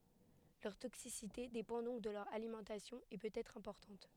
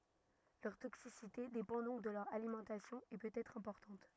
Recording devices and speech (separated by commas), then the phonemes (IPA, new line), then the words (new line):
headset microphone, rigid in-ear microphone, read sentence
lœʁ toksisite depɑ̃ dɔ̃k də lœʁ alimɑ̃tasjɔ̃ e pøt ɛtʁ ɛ̃pɔʁtɑ̃t
Leur toxicité dépend donc de leur alimentation, et peut être importante.